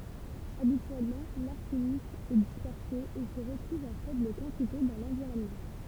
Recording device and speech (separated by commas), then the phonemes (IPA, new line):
temple vibration pickup, read sentence
abityɛlmɑ̃ laʁsənik ɛ dispɛʁse e sə ʁətʁuv ɑ̃ fɛbl kɑ̃tite dɑ̃ lɑ̃viʁɔnmɑ̃